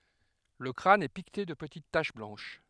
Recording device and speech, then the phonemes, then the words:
headset microphone, read sentence
lə kʁan ɛ pikte də pətit taʃ blɑ̃ʃ
Le crâne est piqueté de petites taches blanches.

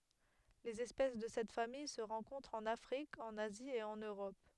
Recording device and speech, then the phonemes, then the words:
headset microphone, read sentence
lez ɛspɛs də sɛt famij sə ʁɑ̃kɔ̃tʁt ɑ̃n afʁik ɑ̃n azi e ɑ̃n øʁɔp
Les espèces de cette famille se rencontrent en Afrique, en Asie et en Europe.

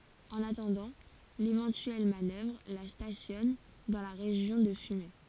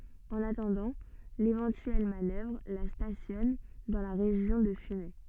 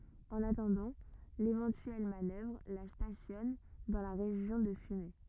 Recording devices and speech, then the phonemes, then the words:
forehead accelerometer, soft in-ear microphone, rigid in-ear microphone, read sentence
ɑ̃n atɑ̃dɑ̃ levɑ̃tyɛl manœvʁ la stasjɔn dɑ̃ la ʁeʒjɔ̃ də fymɛ
En attendant l'éventuelle manœuvre, la stationne dans la région de Fumay.

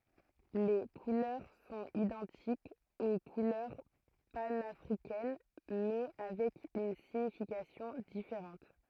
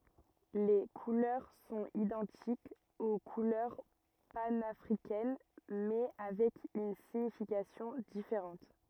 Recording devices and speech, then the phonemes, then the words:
throat microphone, rigid in-ear microphone, read sentence
le kulœʁ sɔ̃t idɑ̃tikz o kulœʁ panafʁikɛn mɛ avɛk yn siɲifikasjɔ̃ difeʁɑ̃t
Les couleurs sont identiques aux couleurs panafricaines, mais avec une signification différente.

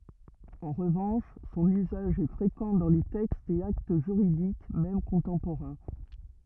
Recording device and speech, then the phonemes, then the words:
rigid in-ear microphone, read sentence
ɑ̃ ʁəvɑ̃ʃ sɔ̃n yzaʒ ɛ fʁekɑ̃ dɑ̃ le tɛkstz e akt ʒyʁidik mɛm kɔ̃tɑ̃poʁɛ̃
En revanche son usage est fréquent dans les textes et actes juridiques même contemporains.

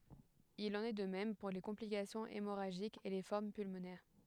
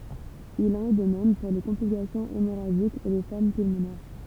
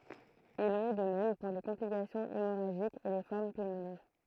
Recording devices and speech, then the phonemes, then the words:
headset microphone, temple vibration pickup, throat microphone, read sentence
il ɑ̃n ɛ də mɛm puʁ le kɔ̃plikasjɔ̃z emoʁaʒikz e le fɔʁm pylmonɛʁ
Il en est de même pour les complications hémorragiques et les formes pulmonaires.

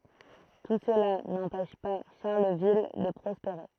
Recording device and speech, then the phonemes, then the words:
throat microphone, read sentence
tu səla nɑ̃pɛʃ pa ʃaʁləvil də pʁɔspeʁe
Tout cela n'empêche pas Charleville de prospérer.

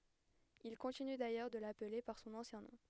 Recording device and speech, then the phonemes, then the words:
headset microphone, read sentence
il kɔ̃tiny dajœʁ də laple paʁ sɔ̃n ɑ̃sjɛ̃ nɔ̃
Il continue d'ailleurs de l'appeler par son ancien nom.

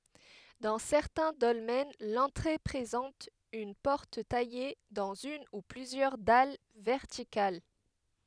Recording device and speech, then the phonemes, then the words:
headset microphone, read sentence
dɑ̃ sɛʁtɛ̃ dɔlmɛn lɑ̃tʁe pʁezɑ̃t yn pɔʁt taje dɑ̃z yn u plyzjœʁ dal vɛʁtikal
Dans certains dolmens, l'entrée présente une porte taillée dans une ou plusieurs dalles verticales.

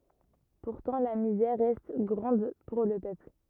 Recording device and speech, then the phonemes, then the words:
rigid in-ear microphone, read sentence
puʁtɑ̃ la mizɛʁ ʁɛst ɡʁɑ̃d puʁ lə pøpl
Pourtant la misère reste grande pour le peuple.

